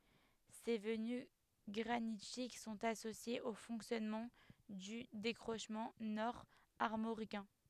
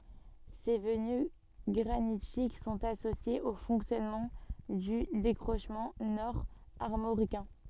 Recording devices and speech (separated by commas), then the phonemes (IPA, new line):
headset microphone, soft in-ear microphone, read sentence
se vəny ɡʁanitik sɔ̃t asosjez o fɔ̃ksjɔnmɑ̃ dy dekʁoʃmɑ̃ nɔʁ aʁmoʁikɛ̃